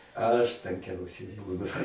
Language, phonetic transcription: Lithuanian, ˈaš tanˈkiausiai ˈbūnu

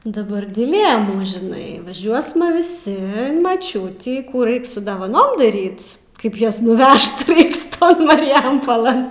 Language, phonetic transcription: Lithuanian, daˈbar diˈlėmų žiˈnai vaˈžiuosma viˈsi in maˈčiutį ˈkų ˈraik ˈsu davaˈnom daˈryt ˈkaip ˈjuos nuˈvežt ˈraiks ˈton mariˈjampolɘn

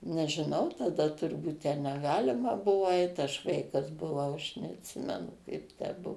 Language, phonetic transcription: Lithuanian, nežiˈnau taˈda turˈbūt ten neˈgalima ˈbuvo ait aš ˈvaikas buˈvau aš neatˈsimenu ˈkaip tę ˈbuo

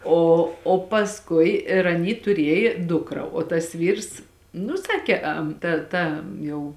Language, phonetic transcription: Lithuanian, ˈo o pasˈkui ir aˈny tuˈriejė ˈdukra o tas ˈvyrs nu ˈsakė am ˈta ˈta ˈjau

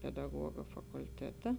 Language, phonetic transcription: Lithuanian, pedaˈguoga fakulˈteta

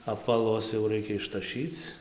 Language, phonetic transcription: Lithuanian, apvaˈlus jau ˈraikia ištaˈšyc

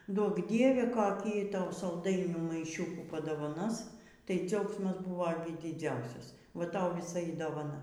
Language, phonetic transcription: Lithuanian, ˈduok ˈdieve koˈkį ˈtau salˈdainių maiˈšiukų padovaˈnos tai ˈdziaugsmas ˈbuvo gi diˈdziausias ˈva ˈtau vyˈsa y dovaˈna

